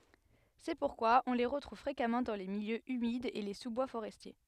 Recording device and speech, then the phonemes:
headset microphone, read sentence
sɛ puʁkwa ɔ̃ le ʁətʁuv fʁekamɑ̃ dɑ̃ de miljøz ymidz e le suzbwa foʁɛstje

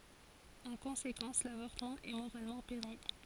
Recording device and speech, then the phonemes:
forehead accelerometer, read sentence
ɑ̃ kɔ̃sekɑ̃s lavɔʁtəmɑ̃ ɛ moʁalmɑ̃ pɛʁmi

